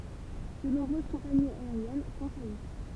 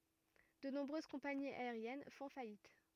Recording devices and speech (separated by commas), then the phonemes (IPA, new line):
temple vibration pickup, rigid in-ear microphone, read sentence
də nɔ̃bʁøz kɔ̃paniz aeʁjɛn fɔ̃ fajit